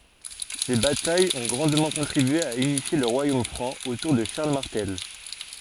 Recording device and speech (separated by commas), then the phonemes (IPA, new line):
forehead accelerometer, read sentence
se batajz ɔ̃ ɡʁɑ̃dmɑ̃ kɔ̃tʁibye a ynifje lə ʁwajom fʁɑ̃ otuʁ də ʃaʁl maʁtɛl